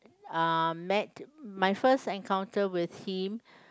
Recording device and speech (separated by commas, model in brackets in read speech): close-talking microphone, conversation in the same room